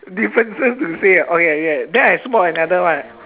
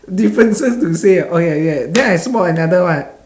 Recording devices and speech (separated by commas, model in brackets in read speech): telephone, standing microphone, conversation in separate rooms